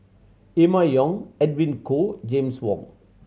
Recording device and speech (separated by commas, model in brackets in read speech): mobile phone (Samsung C7100), read sentence